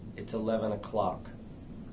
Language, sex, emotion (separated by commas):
English, male, disgusted